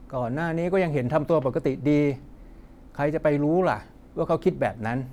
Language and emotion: Thai, frustrated